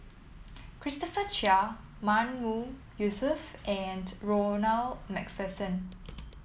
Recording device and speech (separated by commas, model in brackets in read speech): mobile phone (iPhone 7), read sentence